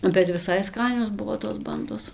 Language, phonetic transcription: Lithuanian, bet viˈsai ˈskanios ˈbuvo tos ˈbandos

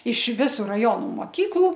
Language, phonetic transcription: Lithuanian, iš ˈvisu raˈjonu moˈkyklu

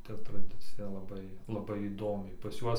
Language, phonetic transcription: Lithuanian, ˈta traˈdicija laˈbai laˈbai įˈdomiai pas ˈjuos

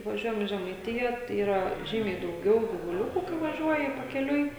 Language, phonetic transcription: Lithuanian, vaˈžiuojam i žemaiˈtija tai ˈyra ˈžymiai dauˈgiau givuˈliuku kai vaˈžiuoji pakeˈliui

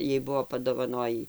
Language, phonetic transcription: Lithuanian, ˈjai ˈbuvo padovaˈnojį

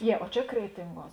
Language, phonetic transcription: Lithuanian, ˈjie o ˈčia ˈkretinˌguos

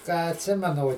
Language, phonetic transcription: Lithuanian, ką atˈsimenu o

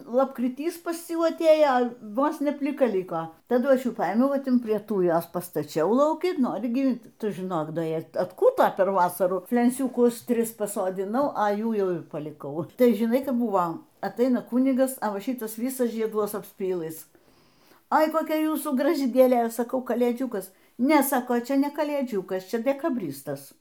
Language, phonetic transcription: Lithuanian, lapkriˈtys pas ˈjų atˈėjo ˈvos ne pliˈka ˈliko taˈdu ˈaš ˈjų ˈpaėmiau ˈva ˈtin prie ˈtūjos pastaˈčiau lauˈki ˈnori gyˈvint ˈtu žiˈnok ˈda ˈji atˈkūto per ˈvasarų flensiūˈkus ˈtris pasodiˈnau a ˈjų ˈjau ir paliˈkau ˈtai žiˈnai ˈkap ˈbūvo atˈaina ˈkūnigas a ˈva ˈšitas ˈvisas žieˈduos apsˈpylɨs ˈai koˈkia ˈjūsų graˈži gėˈlė saˈkau kalėˈdžiukas ˈne ˈsako ˈčia ne kalėˈdžiūkas ˈčia dekaˈbristas

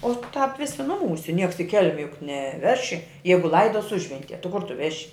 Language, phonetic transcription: Lithuanian, ˈo tāp ˈvisi ˈnuˌmūse ˈnieks i ˈkelme juk neˈveši ˈjeigu ˈlaidos ˈužventie ti ˈkur ˈtu ˈveši

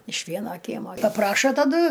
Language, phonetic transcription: Lithuanian, iš ˈvieno ˈkiemo paˈprašo taˈdu

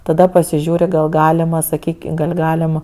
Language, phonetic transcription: Lithuanian, taˈda pasiˈžiūri gal ˈgalima saˈkyki gal' ˈgalim

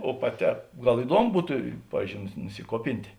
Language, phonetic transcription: Lithuanian, o paˈtē ˈgal iˈduomu ˈbutu ˈpavyzdžiou nusi nusiˈkuopintė

